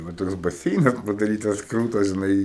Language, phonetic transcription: Lithuanian, va ˈtoks baˈseinas padaˈrytas ˈkrūtas žiˈnai

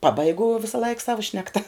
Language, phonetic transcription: Lithuanian, ˈpabaigu visaˈlaik ˈsavo ˈšnekta

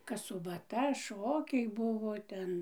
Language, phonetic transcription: Lithuanian, kas subaˈta ˈšokiai ˈbuvo ˈten

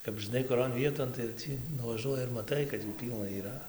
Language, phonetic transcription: Lithuanian, kap žɨˈnai kuˈron ˈvieton tai jau ˈtį nuvaˈžuoji ir maˈtai kad jų ˈpylna yˈra

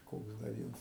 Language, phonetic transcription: Lithuanian, ˈkoks da ˈviens

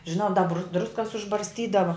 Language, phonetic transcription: Lithuanian, žiˈnau da br ˈdruskas užbarsˈtydava

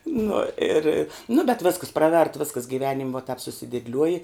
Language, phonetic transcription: Lithuanian, ˈnu ˈir nu bet ˈvėskas ˈpraˌvert ˈviskas giˈvenim va tap susidėdˈliuoji

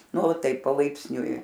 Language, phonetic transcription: Lithuanian, ˈnu ˈtaip palaipsˈniui

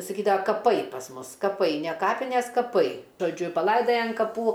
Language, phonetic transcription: Lithuanian, saˈkydava kaˈpai pas ˈmus kaˈpai ne ˈkapines kaˈpai žoˈdžiu paˈlaidaja an kaˈpų

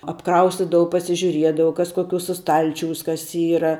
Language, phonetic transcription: Lithuanian, apˈkraustidavau pasižiuˈriedavau ˈkas koˈkiūsa ˈstalčiūs ˈkas ˈyra

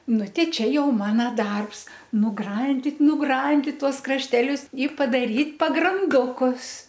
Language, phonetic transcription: Lithuanian, ˈnu ˈtei ˈčia ˈjau ˈmana ˈdarbs nuˈgrandit nuˈgrandit ˈtuos krašˈtelius i padaˈryt' pagranˈdukus

